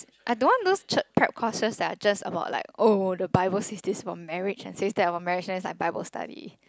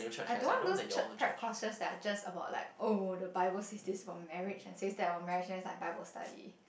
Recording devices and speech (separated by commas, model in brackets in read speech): close-talking microphone, boundary microphone, conversation in the same room